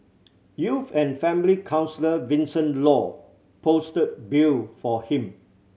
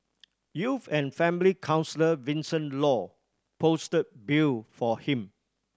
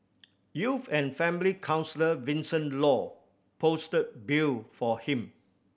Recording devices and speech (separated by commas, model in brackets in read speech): mobile phone (Samsung C7100), standing microphone (AKG C214), boundary microphone (BM630), read sentence